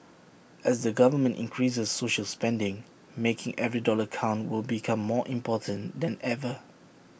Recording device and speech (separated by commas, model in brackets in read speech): boundary microphone (BM630), read sentence